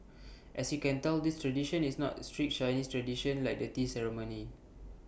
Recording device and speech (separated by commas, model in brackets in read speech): boundary microphone (BM630), read sentence